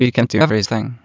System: TTS, waveform concatenation